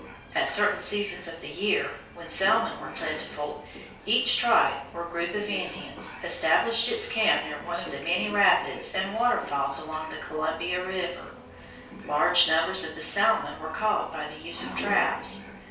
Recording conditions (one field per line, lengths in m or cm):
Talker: one person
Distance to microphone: 3.0 m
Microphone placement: far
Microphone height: 1.8 m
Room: small (3.7 m by 2.7 m)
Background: television